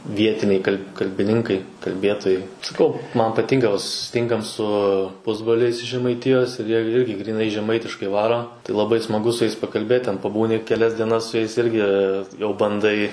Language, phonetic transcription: Lithuanian, ˈvietiniai kal' kalbiˈninkai kalˈbėtojai saˈkau ˈman paˈtinka va susiˈtinkam su ˈpusbroliais iš žemaiˈtijos ir jie irgi gryˈnai žeˈmaitiškai ˈvaro tai laˈbai smaˈgu su jais pakalˈbėt ten paˈbūni keˈlias dieˈnas su ˈjais ˈirgi jau banˈdai

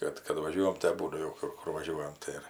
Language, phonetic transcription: Lithuanian, ˈkad kad vaˈžiuojam tai aˈbūdu ˈkur ˈkur vaˈžiuojam ˈtai ir

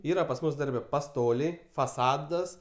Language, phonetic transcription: Lithuanian, ˈyra pas ˈmus ˈdarbe paˈstoliai faˈsadas

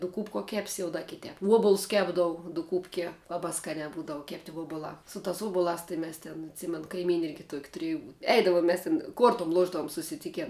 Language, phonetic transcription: Lithuanian, duˈkūpkuo ˈkepsi jau da kiˈtēp ˈuobulus ˈkepdavu duˈkūpkie ˈlabā ˈskanē ˈbūdavu ˈkepti ˈvuobulā su tās ˈuobulās tai ˈmes tin atˈsymen kaiˈmyni ˈirgi tuok' tuˈriju ˈeidavom mes tin ˈkuortum ˈluošdavum susiˈtiken

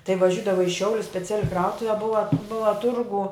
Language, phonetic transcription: Lithuanian, tai vaˈžiudava i ˈšiaulius speˈciali ˈkrautuve ˈbuva ˈbuva ˈturgu

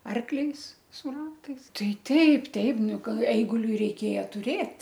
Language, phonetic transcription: Lithuanian, ˈarkliais su ˈratais ˈtai ˈteip ˈteip ˈnu ˈkai ˈeiguliui reiˈkėja tuˈrėt'

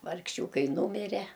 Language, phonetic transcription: Lithuanian, vargˈšiūkai ˈnūmire

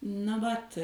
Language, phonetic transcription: Lithuanian, na ˈvat

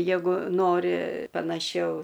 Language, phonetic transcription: Lithuanian, ˈjegu ˈnori panaˈšiau

